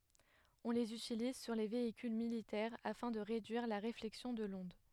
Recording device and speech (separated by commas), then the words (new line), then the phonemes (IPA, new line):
headset microphone, read sentence
On les utilise sur les véhicules militaires afin de réduire la réflexion de l’onde.
ɔ̃ lez ytiliz syʁ le veikyl militɛʁ afɛ̃ də ʁedyiʁ la ʁeflɛksjɔ̃ də lɔ̃d